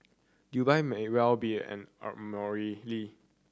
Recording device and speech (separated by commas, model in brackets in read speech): standing microphone (AKG C214), read sentence